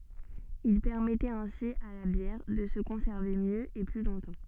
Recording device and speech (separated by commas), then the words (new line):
soft in-ear microphone, read sentence
Il permettait ainsi à la bière de se conserver mieux et plus longtemps.